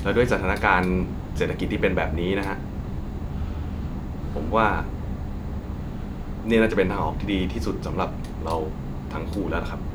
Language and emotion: Thai, frustrated